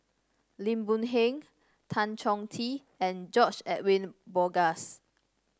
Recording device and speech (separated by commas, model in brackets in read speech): standing microphone (AKG C214), read sentence